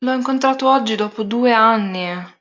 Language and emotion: Italian, sad